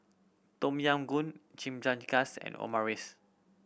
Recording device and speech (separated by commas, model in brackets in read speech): boundary microphone (BM630), read sentence